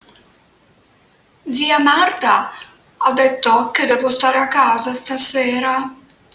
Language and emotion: Italian, sad